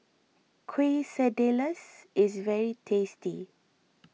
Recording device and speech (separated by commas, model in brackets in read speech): mobile phone (iPhone 6), read sentence